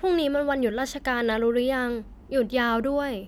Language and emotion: Thai, neutral